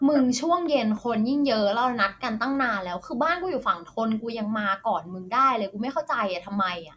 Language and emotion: Thai, frustrated